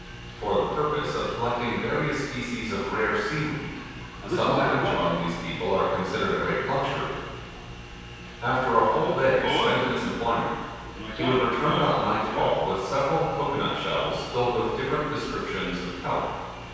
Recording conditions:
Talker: one person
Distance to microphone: 7.1 m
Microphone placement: far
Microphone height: 1.7 m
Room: very reverberant, large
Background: television

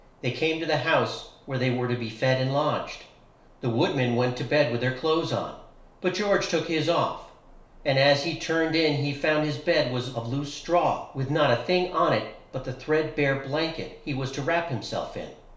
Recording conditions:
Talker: one person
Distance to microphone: 1.0 m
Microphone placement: close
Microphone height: 1.1 m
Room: small (3.7 m by 2.7 m)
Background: none

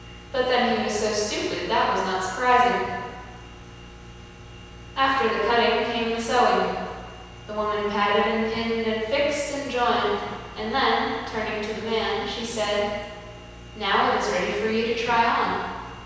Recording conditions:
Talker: one person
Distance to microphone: 7.1 m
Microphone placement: far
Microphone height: 1.7 m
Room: very reverberant, large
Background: none

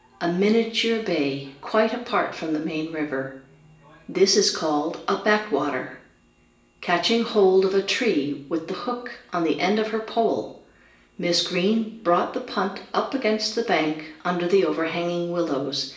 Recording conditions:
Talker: one person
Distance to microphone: 1.8 m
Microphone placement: close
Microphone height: 1.0 m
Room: large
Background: television

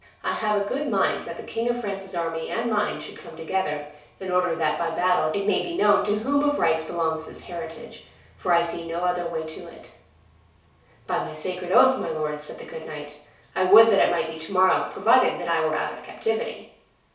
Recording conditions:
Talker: one person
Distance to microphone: 3.0 m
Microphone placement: far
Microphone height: 1.8 m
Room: small (3.7 m by 2.7 m)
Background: none

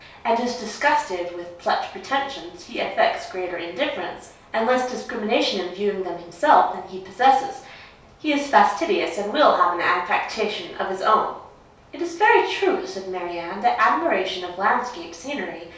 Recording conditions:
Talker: one person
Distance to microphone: 3.0 m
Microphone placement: far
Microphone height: 1.8 m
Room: small (3.7 m by 2.7 m)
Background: none

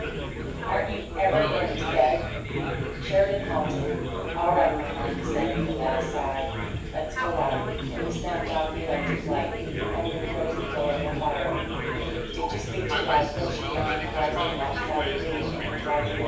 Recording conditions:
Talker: one person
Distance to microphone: 9.8 m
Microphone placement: far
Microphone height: 1.8 m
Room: large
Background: babble

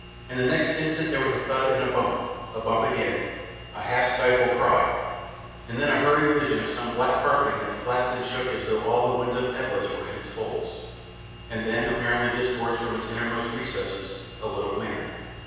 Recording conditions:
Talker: one person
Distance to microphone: 7.1 m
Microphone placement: far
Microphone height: 1.7 m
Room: very reverberant, large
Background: none

